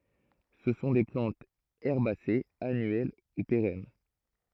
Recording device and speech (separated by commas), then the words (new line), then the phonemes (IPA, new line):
throat microphone, read sentence
Ce sont des plantes herbacées annuelles ou pérennes.
sə sɔ̃ de plɑ̃tz ɛʁbasez anyɛl u peʁɛn